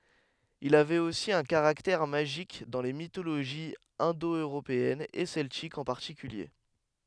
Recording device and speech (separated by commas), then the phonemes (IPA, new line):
headset microphone, read sentence
il avɛt osi œ̃ kaʁaktɛʁ maʒik dɑ̃ le mitoloʒiz ɛ̃do øʁopeɛnz e sɛltikz ɑ̃ paʁtikylje